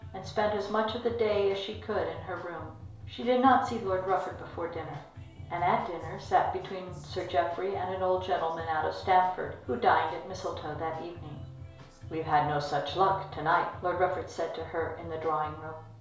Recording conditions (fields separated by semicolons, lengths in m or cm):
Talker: one person; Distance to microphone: 1.0 m; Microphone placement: close; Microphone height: 1.1 m; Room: small (3.7 m by 2.7 m); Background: music